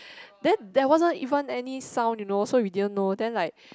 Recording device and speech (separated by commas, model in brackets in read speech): close-talking microphone, conversation in the same room